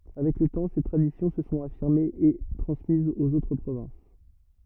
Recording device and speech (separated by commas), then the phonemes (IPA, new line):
rigid in-ear microphone, read sentence
avɛk lə tɑ̃ se tʁadisjɔ̃ sə sɔ̃t afiʁmez e tʁɑ̃smizz oz otʁ pʁovɛ̃s